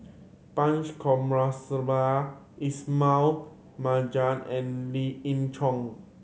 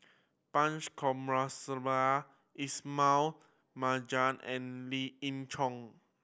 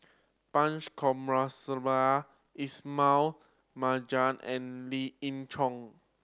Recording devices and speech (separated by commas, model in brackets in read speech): mobile phone (Samsung C7100), boundary microphone (BM630), standing microphone (AKG C214), read sentence